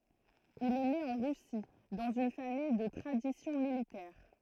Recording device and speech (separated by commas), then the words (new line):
throat microphone, read sentence
Il est né en Russie, dans une famille de tradition militaire.